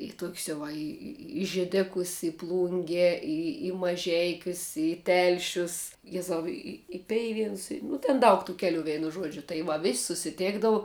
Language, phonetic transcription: Lithuanian, i ˈtok's' jau ˈva ˈi i i žėˈdekus i ˈplunge ˈi i maˈžeikius i ˈtelšius ˈjezau i i i ˈpeivienus nu ten ˈdaug tų ˈkeliu ˈvėnu ˈžuodžiu tai ˈva vis' susiˈtėkdavu

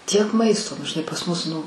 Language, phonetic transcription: Lithuanian, tiek ˈmaisto nu žiˈnai pas ˈmus ˈnu

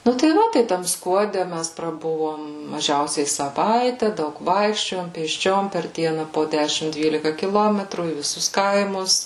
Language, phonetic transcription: Lithuanian, ˈnu tai ˈva ˈtai tam skuoˈde ˈmæs praˈbuvom maˈžiausiai saˈvaitę ˈdaug ˈvaikščiojom pėsˈčiom per ˈdiena po ˈdešim ˈdvylika kiˈlometrų į viˈsus ˈkaimus

